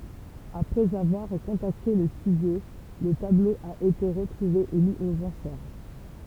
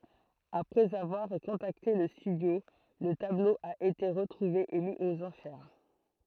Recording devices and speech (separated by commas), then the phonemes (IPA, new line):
temple vibration pickup, throat microphone, read sentence
apʁɛz avwaʁ kɔ̃takte lə stydjo lə tablo a ete ʁətʁuve e mi oz ɑ̃ʃɛʁ